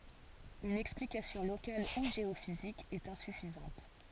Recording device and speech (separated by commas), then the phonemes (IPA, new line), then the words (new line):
forehead accelerometer, read sentence
yn ɛksplikasjɔ̃ lokal u ʒeofizik ɛt ɛ̃syfizɑ̃t
Une explication locale ou géophysique est insuffisante.